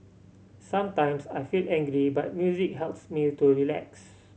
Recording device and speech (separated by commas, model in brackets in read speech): mobile phone (Samsung C7100), read sentence